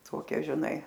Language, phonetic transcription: Lithuanian, ˈtokia žiˈnai

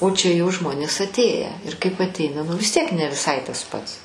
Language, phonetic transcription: Lithuanian, o čia jau ˈžmonės atˈėję ir kaip atˈeina ˈnu vis ˈtiek ne viˈsai tas ˈpats

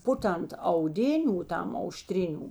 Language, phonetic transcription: Lithuanian, ˈpuˌtant auˈdiniu ˈtam auˈštriniu

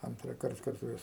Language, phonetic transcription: Lithuanian, antrąˈkart karˈtojas

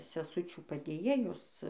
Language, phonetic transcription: Lithuanian, seˈsučių padėˈjėjos

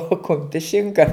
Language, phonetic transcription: Lithuanian, o ˈkumpis ˈšinka

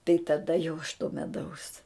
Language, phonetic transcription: Lithuanian, tai taˈda jau aš to meˈdaus

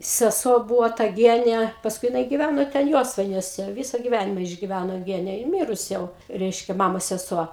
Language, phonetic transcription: Lithuanian, seˈsuo ˈbūvo ta ˈgiene pasˈkui jiˈnai giˈvæno ten ˈjosvainiuose ˈvisa giˈvænima išgiˈvæno ˈgene ji ˈmirus ˈjau ˈreiškia ˈmamos seˈsuo

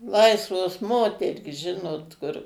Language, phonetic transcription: Lithuanian, ˈlaisvos ˈmoterys ˈžinot kur

